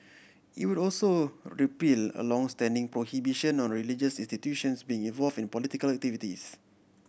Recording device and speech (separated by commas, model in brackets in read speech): boundary microphone (BM630), read sentence